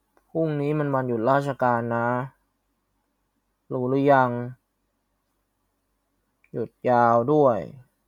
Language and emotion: Thai, frustrated